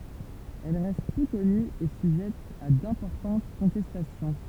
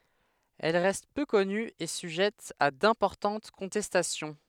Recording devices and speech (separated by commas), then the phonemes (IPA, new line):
temple vibration pickup, headset microphone, read sentence
ɛl ʁɛst pø kɔny e syʒɛt a dɛ̃pɔʁtɑ̃t kɔ̃tɛstasjɔ̃